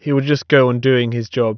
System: none